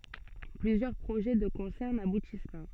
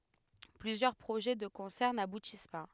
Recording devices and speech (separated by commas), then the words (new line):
soft in-ear microphone, headset microphone, read sentence
Plusieurs projets de concerts n'aboutissent pas.